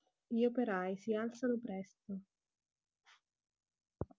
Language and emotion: Italian, neutral